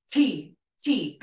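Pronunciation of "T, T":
The T sound is said twice, sharp and clear, and aspirated, with air coming out.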